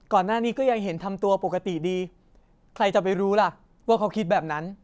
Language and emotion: Thai, frustrated